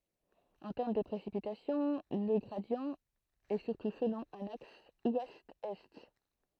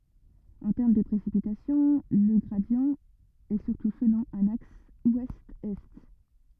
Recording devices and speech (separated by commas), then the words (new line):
throat microphone, rigid in-ear microphone, read sentence
En termes de précipitations, le gradient est surtout selon un axe ouest-est.